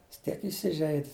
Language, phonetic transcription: Lithuanian, jis ˈtiek iˈsižeid'

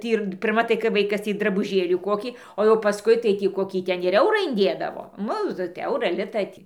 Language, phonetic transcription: Lithuanian, ˈtį ir pirˈma tai kai ˈvaikas ˈtį drabuˈžėlį ˈkokį o jau paˈskui tai tį ˈkokį ˈten ir ˈeurą inˈdėdavo ˈnu ti ˈaurą ˈlitą tį

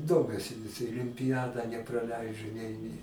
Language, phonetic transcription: Lithuanian, ˈdomiuosi vis ilimpiˈjadą nepraˈleidžu nei nei

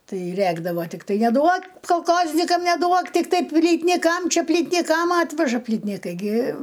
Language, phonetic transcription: Lithuanian, ˈtai ˈrækdavo tikˈtai neˈduok kolˈkoznikam neˈduok tikˈtai plytniˈkam ˈčia plytniˈkam ˈatveža plytniˈkai gi

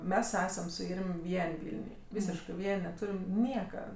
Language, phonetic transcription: Lithuanian, ˈmes ˈesam su ˈirm' ˈvien' ˈvilniuj ˈvysiškɜ ˈvien' neˈtūrim ˈnieka

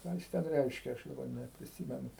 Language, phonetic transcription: Lithuanian, ˈką jis ˈten ˈreiškia ˈaš daˈbar nepriˈsymenu

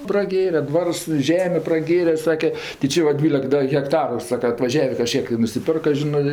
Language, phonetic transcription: Lithuanian, praˈgėre ˈdvars i ˈžemė praˈgėre ˈsake ti ˈči va ˈdvylek ˈda hekˈtaru ˈsaka atvaˈžiavė kaˈžkiek i nusiˈpirka ˈžinɜ

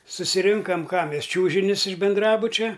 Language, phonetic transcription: Lithuanian, susiˈrinkam ˈką ˈmes ˈčiūžinius iš binˈdrabučia

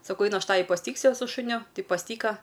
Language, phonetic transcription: Lithuanian, saˈkau ˈainu ˈaš ˈtavi pasiˈtyksiu su šuˈniu ˈtai pasˈtyka

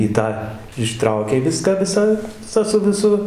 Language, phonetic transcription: Lithuanian, i ˈtą iˈštraukei ˈviską ˈvisą tą su viˈsu

